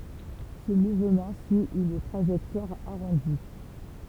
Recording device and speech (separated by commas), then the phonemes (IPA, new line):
temple vibration pickup, read sentence
sə muvmɑ̃ syi yn tʁaʒɛktwaʁ aʁɔ̃di